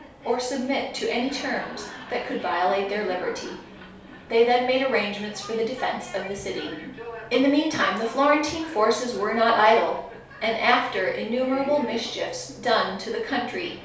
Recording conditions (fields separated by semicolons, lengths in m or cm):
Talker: one person; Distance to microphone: 3.0 m; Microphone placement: far; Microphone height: 1.8 m; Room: small (3.7 m by 2.7 m); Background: television